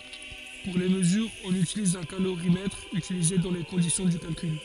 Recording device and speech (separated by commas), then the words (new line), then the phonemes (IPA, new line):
forehead accelerometer, read sentence
Pour les mesures, on utilise un calorimètre, utilisées dans les conditions du calcul.
puʁ le məzyʁz ɔ̃n ytiliz œ̃ kaloʁimɛtʁ ytilize dɑ̃ le kɔ̃disjɔ̃ dy kalkyl